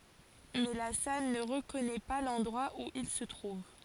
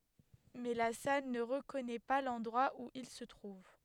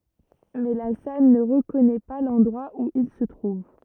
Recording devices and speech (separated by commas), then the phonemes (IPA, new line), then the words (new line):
forehead accelerometer, headset microphone, rigid in-ear microphone, read sentence
mɛ la sal nə ʁəkɔnɛ pa lɑ̃dʁwa u il sə tʁuv
Mais La Salle ne reconnaît pas l’endroit où il se trouve.